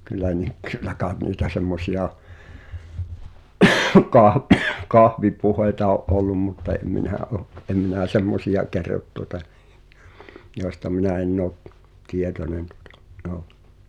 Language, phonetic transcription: Finnish, kyllä nik̳ kyllä kaaᵉt niitä 'semmosi₍a , 'kah- , "kahvipuh̳èita o’ '’ollum mutta em 'minä ’o , ’em minä̀ "semmosi₍a 'kerrot tuota , jòesta 'minä enn ‿ò , "tietonen tᴜᴼtᴀ , ’(j)ò .
- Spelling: kyllä niitä kyllä kai niitä semmoisia - kahvipuheita on ollut mutta en minä ole en minä semmoisia kerro tuota joista minä en ole tietoinen tuota joo

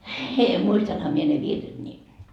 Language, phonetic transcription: Finnish, » 'muistanha mie ne "virret ni ,. »
- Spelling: muistanhan minä ne virret niin

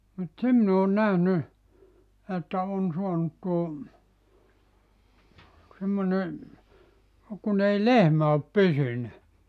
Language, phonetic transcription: Finnish, mut 'se min ‿oon 'nähny , että 'on 'suanut tuo , semmone , 'kun ‿ei "lehmä op "pysynä .
- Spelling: mutta sen minä olen nähnyt että on saanut tuo semmoinen kun ei lehmä ole pysynyt

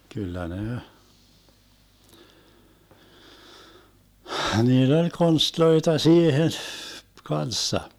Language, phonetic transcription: Finnish, 'kyllä 'ne , 'hniill ‿oĺ 'konstloita 'siihen , "kanssa .
- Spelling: kyllä ne niillä oli konsteja siihen kanssa

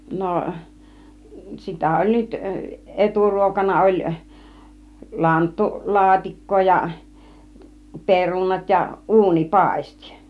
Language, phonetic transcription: Finnish, 'no , 'sitä oĺ 'nyt , "ˀeturuokana oĺ , 'lanttu 'laatik̀koo ja , 'perunat ja , "ˀuuni "pàistI .
- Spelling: no sitä oli nyt eturuokana oli - lanttulaatikkoa ja perunat ja - uunipaisti

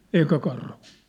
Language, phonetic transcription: Finnish, 'ê , "eikä karhᴜᴜ .
- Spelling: ei eikä karhuja

